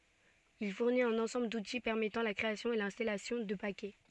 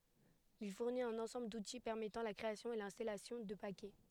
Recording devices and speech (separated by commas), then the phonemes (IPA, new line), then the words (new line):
soft in-ear microphone, headset microphone, read sentence
il fuʁnit œ̃n ɑ̃sɑ̃bl duti pɛʁmɛtɑ̃ la kʁeasjɔ̃ e lɛ̃stalasjɔ̃ də pakɛ
Il fournit un ensemble d'outils permettant la création et l'installation de paquets.